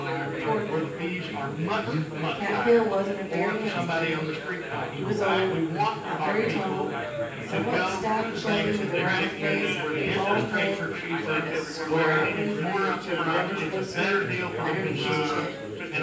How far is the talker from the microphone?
9.8 m.